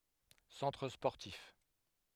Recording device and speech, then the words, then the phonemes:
headset microphone, read sentence
Centre sportif.
sɑ̃tʁ spɔʁtif

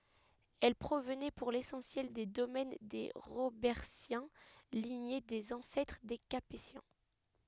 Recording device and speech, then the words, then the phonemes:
headset microphone, read sentence
Elles provenaient pour l'essentiel des domaines des Robertiens, lignée des ancêtres des Capétiens.
ɛl pʁovnɛ puʁ lesɑ̃sjɛl de domɛn de ʁobɛʁtjɛ̃ liɲe dez ɑ̃sɛtʁ de kapetjɛ̃

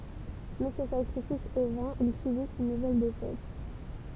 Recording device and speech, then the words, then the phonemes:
temple vibration pickup, read sentence
Mais ce sacrifice est vain, ils subissent une nouvelle défaite.
mɛ sə sakʁifis ɛ vɛ̃ il sybist yn nuvɛl defɛt

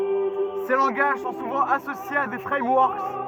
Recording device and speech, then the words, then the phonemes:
rigid in-ear microphone, read sentence
Ces langages sont souvent associés à des frameworks.
se lɑ̃ɡaʒ sɔ̃ suvɑ̃ asosjez a de fʁɛmwɔʁk

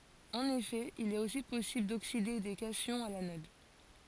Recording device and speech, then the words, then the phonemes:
forehead accelerometer, read sentence
En effet, il est aussi possible d'oxyder des cations à l'anode.
ɑ̃n efɛ il ɛt osi pɔsibl dokside de kasjɔ̃z a lanɔd

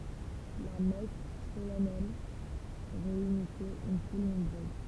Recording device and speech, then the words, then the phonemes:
temple vibration pickup, read sentence
La messe solennelle réunissait une foule nombreuse.
la mɛs solɛnɛl ʁeynisɛt yn ful nɔ̃bʁøz

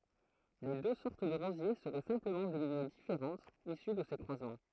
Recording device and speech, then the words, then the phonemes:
throat microphone, read sentence
Les deux sortes de rosiers seraient simplement des lignées différentes issues de ces croisements.
le dø sɔʁt də ʁozje səʁɛ sɛ̃pləmɑ̃ de liɲe difeʁɑ̃tz isy də se kʁwazmɑ̃

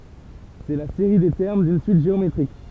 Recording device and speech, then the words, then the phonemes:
temple vibration pickup, read sentence
C'est la série des termes d'une suite géométrique.
sɛ la seʁi de tɛʁm dyn syit ʒeometʁik

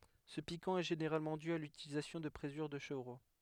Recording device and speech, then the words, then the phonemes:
headset microphone, read sentence
Ce piquant est généralement dû à l'utilisation de présure de chevreau.
sə pikɑ̃ ɛ ʒeneʁalmɑ̃ dy a lytilizasjɔ̃ də pʁezyʁ də ʃəvʁo

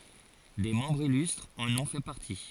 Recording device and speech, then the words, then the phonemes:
forehead accelerometer, read sentence
Des membres illustres en ont fait partie.
de mɑ̃bʁz ilystʁz ɑ̃n ɔ̃ fɛ paʁti

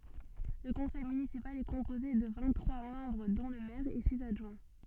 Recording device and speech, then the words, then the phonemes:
soft in-ear microphone, read sentence
Le conseil municipal est composé de vingt-trois membres dont le maire et six adjoints.
lə kɔ̃sɛj mynisipal ɛ kɔ̃poze də vɛ̃t tʁwa mɑ̃bʁ dɔ̃ lə mɛʁ e siz adʒwɛ̃

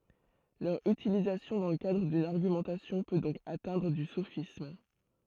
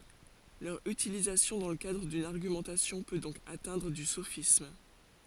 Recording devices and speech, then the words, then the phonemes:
throat microphone, forehead accelerometer, read sentence
Leur utilisation dans le cadre d’une argumentation peut donc atteindre au sophisme.
lœʁ ytilizasjɔ̃ dɑ̃ lə kadʁ dyn aʁɡymɑ̃tasjɔ̃ pø dɔ̃k atɛ̃dʁ o sofism

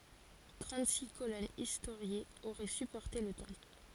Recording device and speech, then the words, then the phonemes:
forehead accelerometer, read sentence
Trente-six colonnes historiées auraient supporté le temple.
tʁɑ̃tziks kolɔnz istoʁjez oʁɛ sypɔʁte lə tɑ̃pl

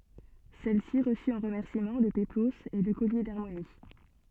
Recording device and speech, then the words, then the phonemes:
soft in-ear microphone, read sentence
Celle-ci reçut en remerciement le péplos et le collier d'Harmonie.
sɛlsi ʁəsy ɑ̃ ʁəmɛʁsimɑ̃ lə peploz e lə kɔlje daʁmoni

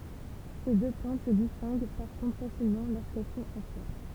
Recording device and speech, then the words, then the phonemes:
temple vibration pickup, read sentence
Ces deux plantes se distinguent par contre facilement lorsqu'elles sont en fleurs.
se dø plɑ̃t sə distɛ̃ɡ paʁ kɔ̃tʁ fasilmɑ̃ loʁskɛl sɔ̃t ɑ̃ flœʁ

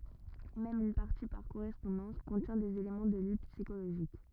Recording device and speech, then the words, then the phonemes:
rigid in-ear microphone, read sentence
Même une partie par correspondance contient des éléments de lutte psychologique.
mɛm yn paʁti paʁ koʁɛspɔ̃dɑ̃s kɔ̃tjɛ̃ dez elemɑ̃ də lyt psikoloʒik

